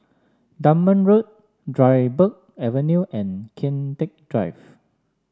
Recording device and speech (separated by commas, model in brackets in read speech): standing microphone (AKG C214), read sentence